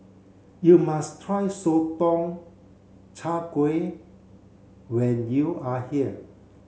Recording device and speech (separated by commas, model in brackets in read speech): mobile phone (Samsung C7), read sentence